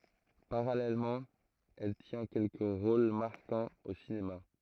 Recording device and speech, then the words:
throat microphone, read sentence
Parallèlement, elle tient quelques rôles marquants au cinéma.

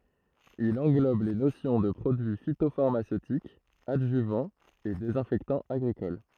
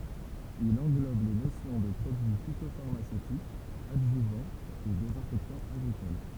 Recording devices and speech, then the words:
throat microphone, temple vibration pickup, read sentence
Il englobe les notions de produit phytopharmaceutique, adjuvant et désinfectant agricole.

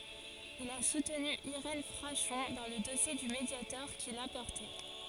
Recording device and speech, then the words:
forehead accelerometer, read sentence
Il a soutenu Irène Frachon dans le dossier du Mediator qu'il a porté.

